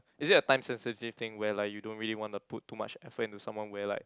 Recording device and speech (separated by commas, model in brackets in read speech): close-talking microphone, conversation in the same room